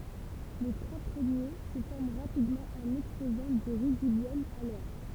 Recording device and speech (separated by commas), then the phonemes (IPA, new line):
temple vibration pickup, read sentence
le tʁwa pʁəmje sə fɔʁm ʁapidmɑ̃ ɑ̃n ɛkspozɑ̃ dy ʁydibjɔm a lɛʁ